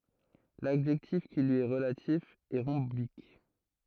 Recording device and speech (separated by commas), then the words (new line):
throat microphone, read sentence
L'adjectif qui lui est relatif est rhombique.